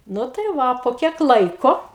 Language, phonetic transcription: Lithuanian, ˈnu tai ˈva po ˈkiek ˈlaiko

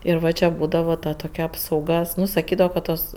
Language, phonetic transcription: Lithuanian, ir ˈva čia ˈbūdava ta toˈkia apsauˈga ˈnu saˈkydavo ka ˈtos

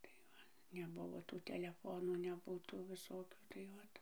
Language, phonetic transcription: Lithuanian, tai ˈva neˈbuvo tų teleˈfonų neˈbu tų ˈvisokių tai ˈot

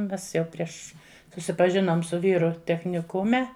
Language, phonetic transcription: Lithuanian, ˈmes jau ˈprieš susipaˈžinom su ˈvyru techniˈkume

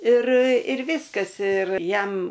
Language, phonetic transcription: Lithuanian, ir ir ˈviskas ir ˈjam

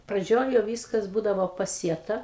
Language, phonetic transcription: Lithuanian, praˈdžioj jau ˈvyskas ˈbūdavo paˈsieta

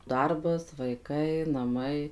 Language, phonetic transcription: Lithuanian, ˈdarbas vaiˈkai naˈmai

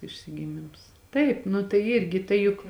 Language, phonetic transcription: Lithuanian, išsigiˈmims ˈtaip nu tai ˈirgi ˈtai juk

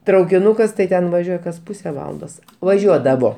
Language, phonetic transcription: Lithuanian, traukiˈnukas tai ˈten vaˈžiuoj kas ˈpuse ˈvalandos vaˈžiuodavo

